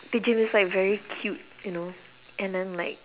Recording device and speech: telephone, conversation in separate rooms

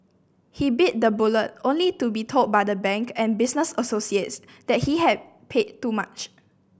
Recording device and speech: boundary microphone (BM630), read sentence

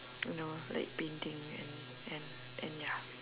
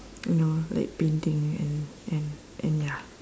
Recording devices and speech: telephone, standing microphone, conversation in separate rooms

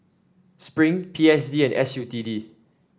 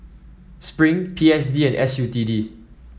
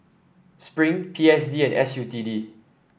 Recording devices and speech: standing microphone (AKG C214), mobile phone (iPhone 7), boundary microphone (BM630), read sentence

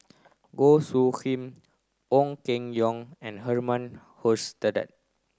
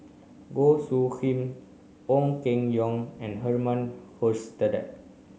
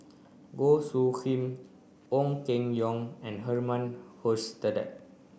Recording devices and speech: close-talking microphone (WH30), mobile phone (Samsung C9), boundary microphone (BM630), read sentence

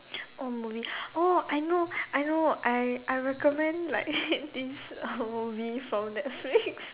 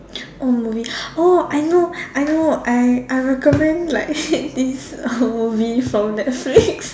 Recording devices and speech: telephone, standing microphone, conversation in separate rooms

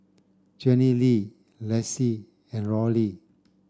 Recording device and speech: standing microphone (AKG C214), read sentence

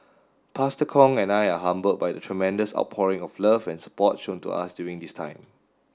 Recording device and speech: standing microphone (AKG C214), read sentence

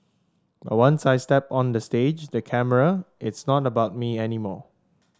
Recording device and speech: standing microphone (AKG C214), read sentence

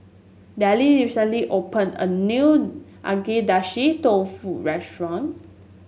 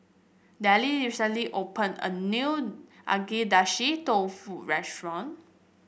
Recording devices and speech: mobile phone (Samsung S8), boundary microphone (BM630), read sentence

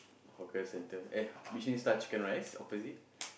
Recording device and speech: boundary microphone, conversation in the same room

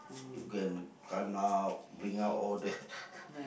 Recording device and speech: boundary microphone, conversation in the same room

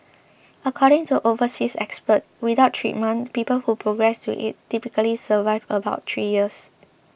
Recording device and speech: boundary microphone (BM630), read sentence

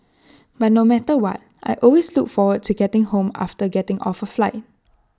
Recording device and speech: standing microphone (AKG C214), read sentence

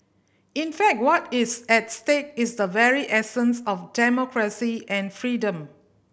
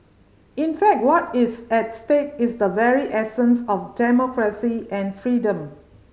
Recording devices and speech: boundary microphone (BM630), mobile phone (Samsung C5010), read sentence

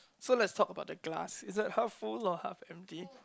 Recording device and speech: close-talking microphone, conversation in the same room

